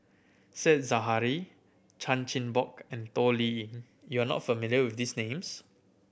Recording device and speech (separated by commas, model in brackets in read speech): boundary microphone (BM630), read sentence